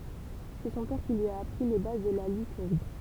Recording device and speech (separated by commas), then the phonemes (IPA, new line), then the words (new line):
temple vibration pickup, read sentence
sɛ sɔ̃ pɛʁ ki lyi a apʁi le baz də la lytʁi
C'est son père qui lui a appris les bases de la lutherie.